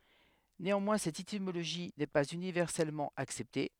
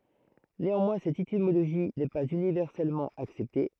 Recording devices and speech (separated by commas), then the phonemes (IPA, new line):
headset microphone, throat microphone, read sentence
neɑ̃mwɛ̃ sɛt etimoloʒi nɛ paz ynivɛʁsɛlmɑ̃ aksɛpte